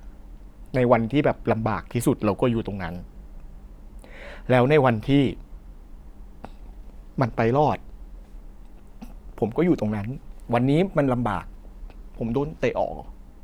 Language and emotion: Thai, sad